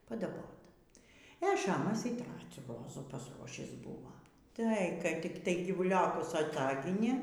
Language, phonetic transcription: Lithuanian, padaˈbot e ˈšamas y ˈtracių ˈrozų pasˈruošįs ˈbuvo ˈtai kai tik ˈtai gyvuˈliokus aˈtaginė

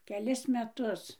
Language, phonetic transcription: Lithuanian, keˈlis meˈtus

